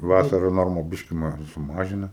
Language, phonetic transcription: Lithuanian, ˈvasara ˈnorma ˈbiški ma suˈmažina

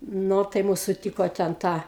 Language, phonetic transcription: Lithuanian, ˈno tai ˈmus suˈtyko ten ˈta

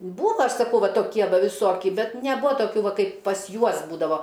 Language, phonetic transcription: Lithuanian, ˈbūva ˈaš saˈkau ˈva toˈkie ˈva viˈsoki ˈbet neˈbua toˈkių ˈva ˈkaip pas ˈjuos ˈbūdavo

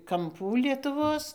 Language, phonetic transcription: Lithuanian, kamˈpų lietuˈvos

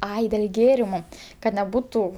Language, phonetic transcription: Lithuanian, ˈai dėl' ˈgėrimu ˈkad neˈbutu

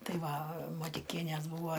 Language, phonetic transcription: Lithuanian, ˈtai ˈva matiˈkienės ˈbūvo

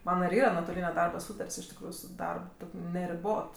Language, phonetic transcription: Lithuanian, ˈmana ir ˈyra nuotoˈlyne ˈdarba ˈsūtart's' iš tikˈrųju su ˈdarb ˈtok' neriˈbot

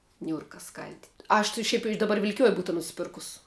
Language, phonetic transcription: Lithuanian, ˈniūrka ˈskal'dit' ˈaš ti ˈšiaip iš daˈbar vilkiˈjoj ˈbūta nusiˈpirkus

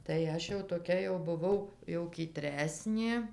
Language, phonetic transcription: Lithuanian, tai ˈaš jau toˈkia jau buˈvau jau kyˈtresnė

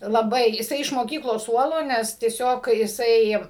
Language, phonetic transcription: Lithuanian, laˈbai jiˈsai iš moˈkyklos ˈsuolo ˈnes tieˈsiog jiˈsai

